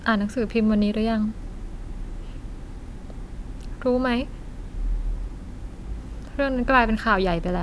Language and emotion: Thai, sad